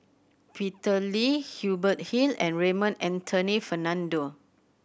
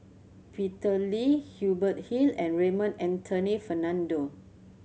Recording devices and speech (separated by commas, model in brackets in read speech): boundary microphone (BM630), mobile phone (Samsung C7100), read sentence